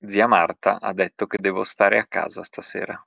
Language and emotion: Italian, neutral